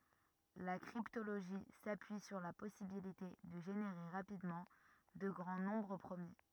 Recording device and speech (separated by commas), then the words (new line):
rigid in-ear microphone, read sentence
La cryptologie s'appuie sur la possibilité de générer rapidement de grands nombres premiers.